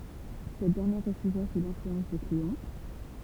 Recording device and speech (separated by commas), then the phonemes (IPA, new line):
temple vibration pickup, read sentence
sɛt dɛʁnjɛʁ ʁəfyza su lɛ̃flyɑ̃s də kleɔ̃